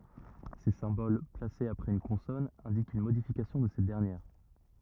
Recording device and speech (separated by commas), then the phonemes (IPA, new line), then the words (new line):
rigid in-ear microphone, read sentence
se sɛ̃bol plasez apʁɛz yn kɔ̃sɔn ɛ̃dikt yn modifikasjɔ̃ də sɛt dɛʁnjɛʁ
Ces symboles, placés après une consonne, indiquent une modification de cette dernière.